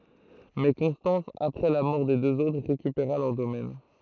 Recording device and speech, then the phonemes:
throat microphone, read sentence
mɛ kɔ̃stɑ̃s apʁɛ la mɔʁ de døz otʁ ʁekypeʁa lœʁ domɛn

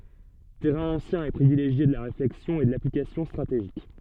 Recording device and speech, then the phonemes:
soft in-ear microphone, read sentence
tɛʁɛ̃ ɑ̃sjɛ̃ e pʁivileʒje də la ʁeflɛksjɔ̃ e də laplikasjɔ̃ stʁateʒik

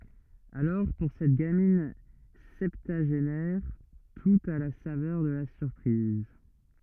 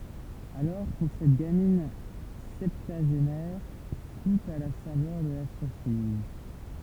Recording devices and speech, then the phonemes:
rigid in-ear microphone, temple vibration pickup, read sentence
alɔʁ puʁ sɛt ɡamin sɛptyaʒenɛʁ tut a la savœʁ də la syʁpʁiz

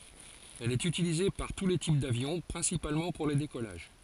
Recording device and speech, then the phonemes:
forehead accelerometer, read sentence
ɛl ɛt ytilize paʁ tu le tip davjɔ̃ pʁɛ̃sipalmɑ̃ puʁ le dekɔlaʒ

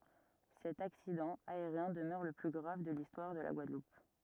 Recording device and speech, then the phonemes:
rigid in-ear microphone, read sentence
sɛt aksidɑ̃ aeʁjɛ̃ dəmœʁ lə ply ɡʁav də listwaʁ də la ɡwadlup

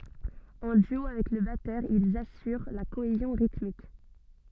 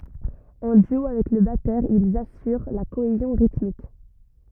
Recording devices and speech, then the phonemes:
soft in-ear microphone, rigid in-ear microphone, read sentence
ɑ̃ dyo avɛk lə batœʁ ilz asyʁ la koezjɔ̃ ʁitmik

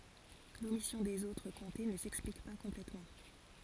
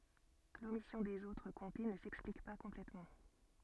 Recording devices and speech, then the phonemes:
forehead accelerometer, soft in-ear microphone, read sentence
lomisjɔ̃ dez otʁ kɔ̃te nə sɛksplik pa kɔ̃plɛtmɑ̃

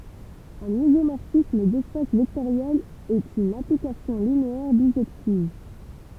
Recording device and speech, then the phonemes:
temple vibration pickup, read sentence
œ̃n izomɔʁfism dɛspas vɛktoʁjɛlz ɛt yn aplikasjɔ̃ lineɛʁ biʒɛktiv

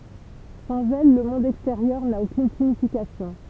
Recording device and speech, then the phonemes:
temple vibration pickup, read sentence
sɑ̃z ɛl lə mɔ̃d ɛksteʁjœʁ na okyn siɲifikasjɔ̃

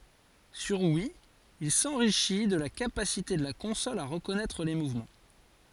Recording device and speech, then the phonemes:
forehead accelerometer, read sentence
syʁ wi il sɑ̃ʁiʃi də la kapasite də la kɔ̃sɔl a ʁəkɔnɛtʁ le muvmɑ̃

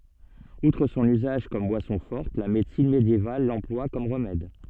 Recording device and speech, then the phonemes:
soft in-ear microphone, read sentence
utʁ sɔ̃n yzaʒ kɔm bwasɔ̃ fɔʁt la medəsin medjeval lɑ̃plwa kɔm ʁəmɛd

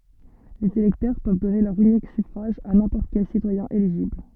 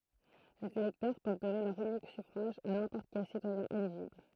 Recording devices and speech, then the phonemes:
soft in-ear microphone, throat microphone, read sentence
lez elɛktœʁ pøv dɔne lœʁ ynik syfʁaʒ a nɛ̃pɔʁt kɛl sitwajɛ̃ eliʒibl

